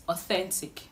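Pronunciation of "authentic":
'Authentic' is pronounced correctly here.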